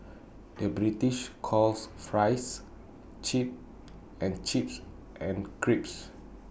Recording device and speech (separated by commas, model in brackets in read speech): boundary microphone (BM630), read sentence